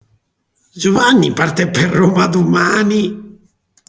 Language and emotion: Italian, disgusted